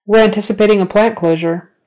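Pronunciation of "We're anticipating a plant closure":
The sentence is said at a natural speed and in a natural manner, not slowly.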